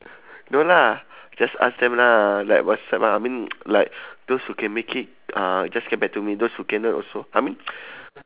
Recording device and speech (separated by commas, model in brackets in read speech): telephone, conversation in separate rooms